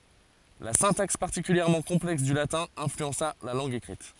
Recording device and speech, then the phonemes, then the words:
forehead accelerometer, read sentence
la sɛ̃taks paʁtikyljɛʁmɑ̃ kɔ̃plɛks dy latɛ̃ ɛ̃flyɑ̃sa la lɑ̃ɡ ekʁit
La syntaxe particulièrement complexe du latin influença la langue écrite.

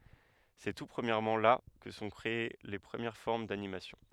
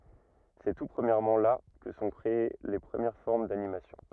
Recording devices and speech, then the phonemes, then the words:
headset microphone, rigid in-ear microphone, read sentence
sɛ tu pʁəmjɛʁmɑ̃ la kə sə sɔ̃ kʁee le pʁəmjɛʁ fɔʁm danimasjɔ̃
C'est tout premièrement là que se sont créées les premières formes d'animation.

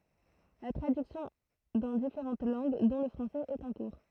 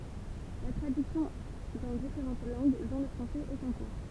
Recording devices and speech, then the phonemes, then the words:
throat microphone, temple vibration pickup, read sentence
la tʁadyksjɔ̃ dɑ̃ difeʁɑ̃t lɑ̃ɡ dɔ̃ lə fʁɑ̃sɛz ɛt ɑ̃ kuʁ
La traduction dans différentes langues, dont le français, est en cours.

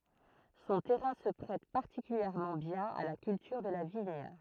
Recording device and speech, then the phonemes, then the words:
throat microphone, read sentence
sɔ̃ tɛʁɛ̃ sə pʁɛt paʁtikyljɛʁmɑ̃ bjɛ̃n a la kyltyʁ də la viɲ
Son terrain se prête particulièrement bien à la culture de la vigne.

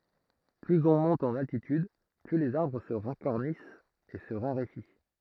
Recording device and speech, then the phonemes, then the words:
throat microphone, read sentence
plyz ɔ̃ mɔ̃t ɑ̃n altityd ply lez aʁbʁ sə ʁakɔʁnist e sə ʁaʁefi
Plus on monte en altitude, plus les arbres se racornissent et se raréfient.

